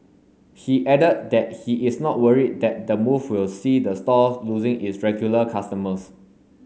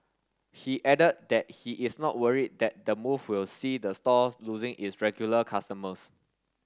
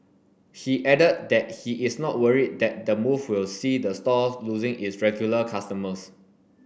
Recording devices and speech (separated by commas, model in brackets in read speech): mobile phone (Samsung S8), standing microphone (AKG C214), boundary microphone (BM630), read sentence